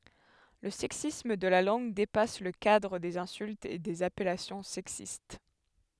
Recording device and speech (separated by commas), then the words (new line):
headset microphone, read sentence
Le sexisme de la langue dépasse le cadre des insultes et des appellations sexistes.